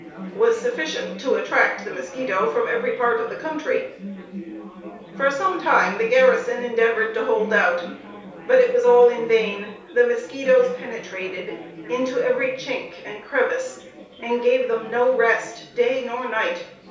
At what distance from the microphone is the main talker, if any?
3.0 m.